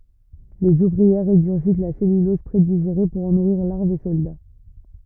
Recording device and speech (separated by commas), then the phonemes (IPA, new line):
rigid in-ear microphone, read sentence
lez uvʁiɛʁ ʁeɡyʁʒit la sɛlylɔz pʁediʒeʁe puʁ ɑ̃ nuʁiʁ laʁvz e sɔlda